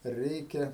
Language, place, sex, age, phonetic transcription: Lithuanian, Aukštaitija, male, 60+, ˈreikia

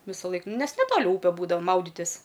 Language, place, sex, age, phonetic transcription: Lithuanian, Aukštaitija, female, 18-60, visaˈlaik ˈnes neˈtoli ˈūpe ˈbūdau ˈmauditis

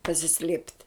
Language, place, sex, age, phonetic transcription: Lithuanian, Žemaitija, female, 60+, pasiˈslėpt'

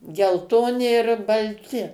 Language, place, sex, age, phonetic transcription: Lithuanian, Suvalkija, female, 60+, gelˈtoni ir balˈti

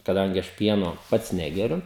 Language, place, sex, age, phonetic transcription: Lithuanian, Žemaitija, male, 18-60, kaˈdangi ˈaš ˈpieno ˈpats ˈnegeriu

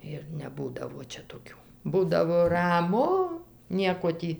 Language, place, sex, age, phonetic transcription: Lithuanian, Dzūkija, female, 60+, ir neˈbūdavo ˈčia toˈkių ˈbūdavo raˈmu ˈnieko ˈtį

